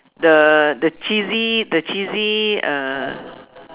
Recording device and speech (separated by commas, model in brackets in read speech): telephone, conversation in separate rooms